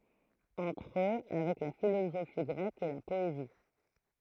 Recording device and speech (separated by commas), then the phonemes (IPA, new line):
throat microphone, read sentence
ɑ̃tʁ ø avɛk la filozofi ɡʁɛk e la pɔezi